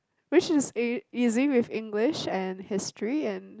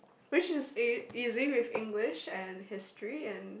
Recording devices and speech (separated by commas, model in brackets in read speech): close-talking microphone, boundary microphone, conversation in the same room